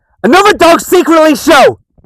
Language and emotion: English, sad